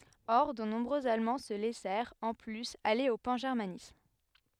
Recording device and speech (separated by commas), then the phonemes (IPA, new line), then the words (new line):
headset microphone, read sentence
ɔʁ də nɔ̃bʁøz almɑ̃ sə lɛsɛʁt ɑ̃ plyz ale o pɑ̃ʒɛʁmanism
Or, de nombreux Allemands se laissèrent, en plus, aller au pangermanisme.